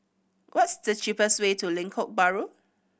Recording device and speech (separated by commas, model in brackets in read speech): boundary microphone (BM630), read sentence